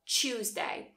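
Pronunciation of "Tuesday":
In 'Tuesday', the t and y sounds combine into a ch sound.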